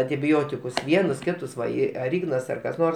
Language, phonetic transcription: Lithuanian, antiˈbiotikus ˈvienus ˈkitus ˈva ˈi ar ˈignas ar kas ˈnors

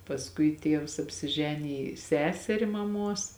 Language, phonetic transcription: Lithuanian, pasˈkui ˈtievs apsiˈženiji ˈseseri maˈmuos

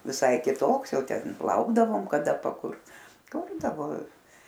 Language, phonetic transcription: Lithuanian, viˈsai kiˈtoks ˈjau ˈten ˈlaukdavom kaˈ da paˈkurt ˈkurdavo

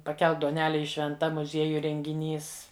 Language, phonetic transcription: Lithuanian, paˈkelk duoˈnele ˈji švenˈta muˈziejuj rengiˈnys

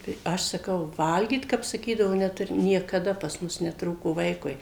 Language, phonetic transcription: Lithuanian, tai ˈaš saˈkau ˈvalgyt kap saˈkydavo neˈturi niekaˈda pas ˈmus neˈtrūko ˈvaikui

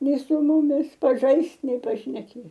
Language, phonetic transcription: Lithuanian, ˈnei su ˈmumis paˈžaist nei pašneˈkė

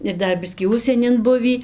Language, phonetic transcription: Lithuanian, ir ˈdar ˈbiskį ˈužsienin ˈbuvį

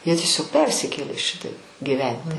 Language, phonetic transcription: Lithuanian, jie tieˈsiog ˈpersikėlė ˈšitaip gyˈventi

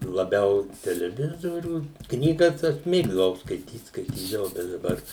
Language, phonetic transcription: Lithuanian, laˈbiau teleˈvizorių ˈknygas ˈaš ˈmėgdavau skaiˈtyt skaiˈtydavau bet daˈbar

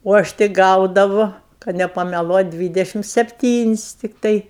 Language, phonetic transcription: Lithuanian, o ˈaš tik ˈgaudavu kad nepameˈluot' ˈdvydešim sepˈtynis' tikˈtai

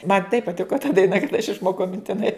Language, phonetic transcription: Lithuanian, man taip paˈtiko ta daiˈna kad aš išˈmokau mintiˈnai

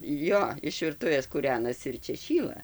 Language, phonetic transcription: Lithuanian, ˈjo iš virˈtuvės kūˈrenasi ir ˈčia ˈšyla

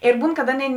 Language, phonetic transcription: Lithuanian, ir ˈbūn kad ˈaˌnėi

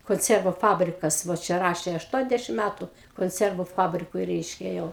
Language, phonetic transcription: Lithuanian, konˈciervu ˈfabrikas vo ˈčia ˈrašė ašˈtuoniasdešim ˈmætu konˈcervu ˈfabrikui ˈreiškia jau

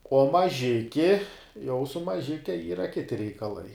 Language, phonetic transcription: Lithuanian, uo maˈžiki jau su maˈžike ˈyra ˈkiti reikaˈlai

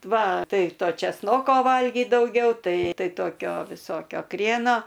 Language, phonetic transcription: Lithuanian, ˈva ˈtai ˈto čeˈsnoko ˈvalgyt dauˈgiau ˈtai ˈtai ˈtokio viˈsokio ˈkrieno

